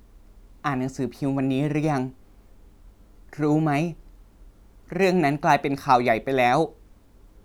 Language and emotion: Thai, sad